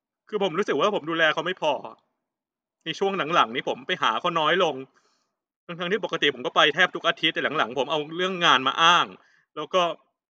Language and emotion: Thai, sad